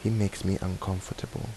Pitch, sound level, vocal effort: 100 Hz, 75 dB SPL, soft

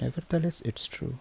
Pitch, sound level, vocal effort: 160 Hz, 73 dB SPL, soft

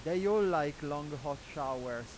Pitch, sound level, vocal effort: 145 Hz, 96 dB SPL, loud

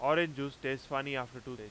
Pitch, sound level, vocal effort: 135 Hz, 95 dB SPL, very loud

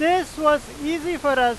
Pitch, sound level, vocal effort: 300 Hz, 100 dB SPL, very loud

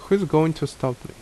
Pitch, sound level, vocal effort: 155 Hz, 77 dB SPL, normal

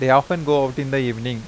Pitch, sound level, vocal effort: 135 Hz, 88 dB SPL, normal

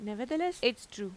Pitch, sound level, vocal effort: 240 Hz, 88 dB SPL, normal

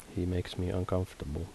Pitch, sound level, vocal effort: 90 Hz, 72 dB SPL, soft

